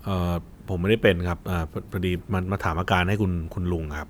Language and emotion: Thai, neutral